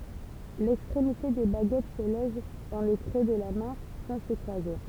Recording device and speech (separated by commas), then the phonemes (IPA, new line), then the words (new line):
temple vibration pickup, read sentence
lɛkstʁemite de baɡɛt sə lɔʒ dɑ̃ lə kʁø də la mɛ̃ sɑ̃ sə kʁwaze
L'extrémité des baguettes se loge dans le creux de la main, sans se croiser.